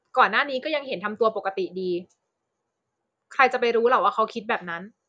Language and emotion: Thai, angry